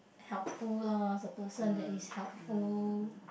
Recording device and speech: boundary microphone, conversation in the same room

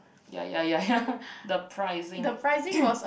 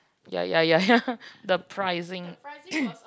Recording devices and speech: boundary microphone, close-talking microphone, conversation in the same room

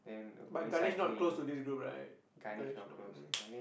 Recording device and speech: boundary microphone, conversation in the same room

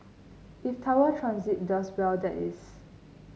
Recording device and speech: mobile phone (Samsung C9), read sentence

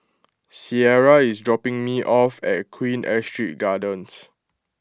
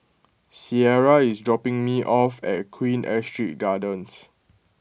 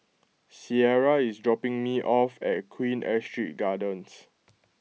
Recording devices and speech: close-talking microphone (WH20), boundary microphone (BM630), mobile phone (iPhone 6), read sentence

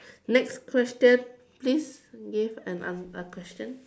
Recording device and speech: standing microphone, conversation in separate rooms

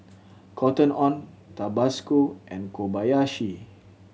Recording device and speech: mobile phone (Samsung C7100), read sentence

